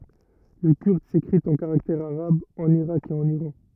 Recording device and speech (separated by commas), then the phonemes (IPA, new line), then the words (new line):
rigid in-ear microphone, read sentence
lə kyʁd sekʁit ɑ̃ kaʁaktɛʁz aʁabz ɑ̃n iʁak e ɑ̃n iʁɑ̃
Le kurde s'écrit en caractères arabes en Irak et en Iran.